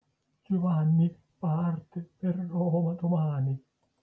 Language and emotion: Italian, fearful